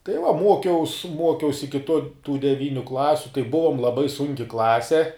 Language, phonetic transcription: Lithuanian, tai va ˈmuokiaus ˈmuokiaus ˈiki to tų deˈvyniu ˈklasiu tai ˈbuvom laˈbai ˈsunki ˈklase

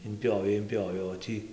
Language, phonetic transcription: Lithuanian, imˈpjovei imˈpjovei o ˈtį

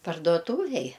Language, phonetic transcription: Lithuanian, parduoˈtūvėj

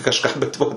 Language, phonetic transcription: Lithuanian, kažˈką bet ˈvo

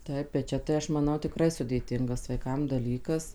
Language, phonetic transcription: Lithuanian, ˈtaip bet ˈčia tai ˈaš maˈnau tiˈkrai sudėˈtingas vaiˈkam daˈlykas

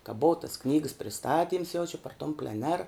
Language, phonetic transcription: Lithuanian, ka ˈbou tas ˈknygəs priˈstatyms jau čia par tom pleˈner

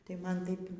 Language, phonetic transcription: Lithuanian, tai ˈman ˈtaip

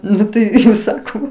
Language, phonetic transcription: Lithuanian, ˈnu tai saˈkau

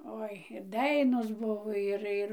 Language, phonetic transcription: Lithuanian, ˈoi ˈdainos ˈbuvo ir ˈir

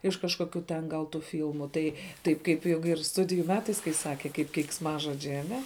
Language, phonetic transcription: Lithuanian, iš kažkoˈkių ten gal tų ˈfylmu tai ˈtaip ˈkaip ˈjog ir ˈstudijų ˈmetais kai ˈsake kaip keiksˈmažodžiai aˈne

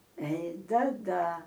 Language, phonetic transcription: Lithuanian, ei ˈda ˈda

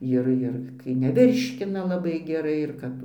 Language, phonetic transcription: Lithuanian, ˈir ir kai neˈvirškina laˈbai geˈrai ir ˈkap

